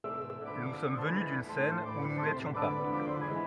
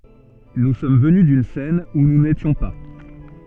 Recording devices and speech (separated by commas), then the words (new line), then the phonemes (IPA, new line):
rigid in-ear microphone, soft in-ear microphone, read sentence
Nous sommes venus d'une scène où nous n'étions pas.
nu sɔm vəny dyn sɛn u nu netjɔ̃ pa